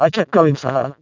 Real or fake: fake